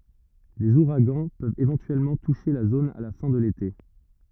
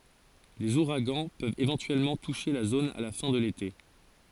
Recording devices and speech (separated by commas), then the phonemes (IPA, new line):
rigid in-ear microphone, forehead accelerometer, read sentence
lez uʁaɡɑ̃ pøvt evɑ̃tyɛlmɑ̃ tuʃe la zon a la fɛ̃ də lete